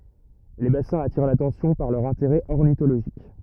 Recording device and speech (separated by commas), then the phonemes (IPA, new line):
rigid in-ear microphone, read sentence
le basɛ̃z atiʁ latɑ̃sjɔ̃ paʁ lœʁ ɛ̃teʁɛ ɔʁnitoloʒik